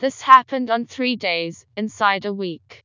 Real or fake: fake